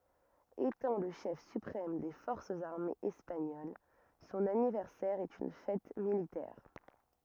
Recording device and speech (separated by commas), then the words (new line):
rigid in-ear microphone, read sentence
Étant le chef suprême des forces armées espagnoles, son anniversaire est une fête militaire.